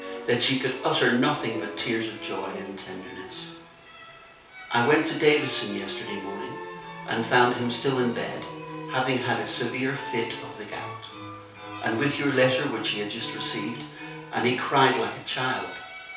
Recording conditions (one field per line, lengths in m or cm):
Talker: one person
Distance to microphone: 3.0 m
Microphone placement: far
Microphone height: 1.8 m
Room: small (3.7 m by 2.7 m)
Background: music